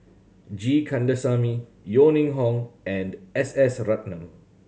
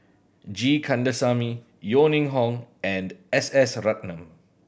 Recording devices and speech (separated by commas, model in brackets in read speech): mobile phone (Samsung C7100), boundary microphone (BM630), read sentence